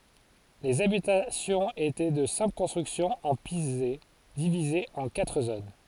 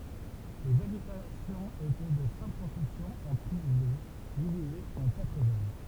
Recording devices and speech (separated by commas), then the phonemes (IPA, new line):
forehead accelerometer, temple vibration pickup, read sentence
lez abitasjɔ̃z etɛ də sɛ̃pl kɔ̃stʁyksjɔ̃z ɑ̃ pize divizez ɑ̃ katʁ zon